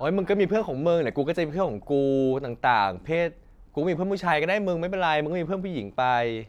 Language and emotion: Thai, frustrated